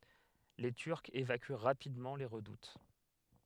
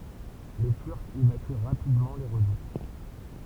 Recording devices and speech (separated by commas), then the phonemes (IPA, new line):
headset microphone, temple vibration pickup, read sentence
le tyʁkz evaky ʁapidmɑ̃ le ʁədut